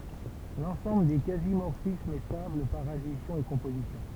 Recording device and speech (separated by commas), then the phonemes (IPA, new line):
temple vibration pickup, read sentence
lɑ̃sɑ̃bl de kazi mɔʁfismz ɛ stabl paʁ adisjɔ̃ e kɔ̃pozisjɔ̃